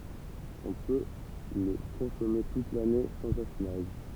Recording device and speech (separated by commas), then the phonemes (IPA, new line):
temple vibration pickup, read sentence
ɔ̃ pø lə kɔ̃sɔme tut lane sɑ̃z afinaʒ